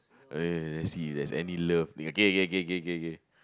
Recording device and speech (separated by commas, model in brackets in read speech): close-talking microphone, conversation in the same room